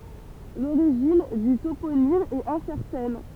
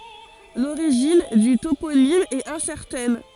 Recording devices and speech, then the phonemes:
temple vibration pickup, forehead accelerometer, read sentence
loʁiʒin dy toponim ɛt ɛ̃sɛʁtɛn

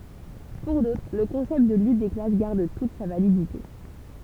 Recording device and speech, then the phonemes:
temple vibration pickup, read sentence
puʁ dotʁ lə kɔ̃sɛpt də lyt de klas ɡaʁd tut sa validite

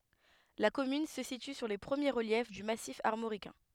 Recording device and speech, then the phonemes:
headset microphone, read sentence
la kɔmyn sə sity syʁ le pʁəmje ʁəljɛf dy masif aʁmoʁikɛ̃

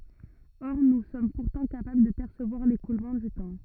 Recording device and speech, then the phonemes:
rigid in-ear microphone, read sentence
ɔʁ nu sɔm puʁtɑ̃ kapabl də pɛʁsəvwaʁ lekulmɑ̃ dy tɑ̃

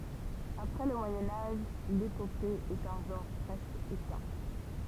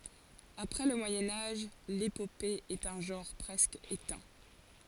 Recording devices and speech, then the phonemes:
temple vibration pickup, forehead accelerometer, read sentence
apʁɛ lə mwajɛ̃ aʒ lepope ɛt œ̃ ʒɑ̃ʁ pʁɛskə etɛ̃

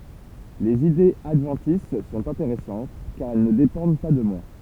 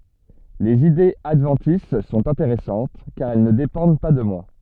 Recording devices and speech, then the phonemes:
temple vibration pickup, soft in-ear microphone, read sentence
lez idez advɑ̃tis sɔ̃t ɛ̃teʁɛsɑ̃t kaʁ ɛl nə depɑ̃d pa də mwa

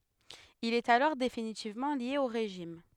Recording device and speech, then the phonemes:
headset microphone, read sentence
il ɛt alɔʁ definitivmɑ̃ lje o ʁeʒim

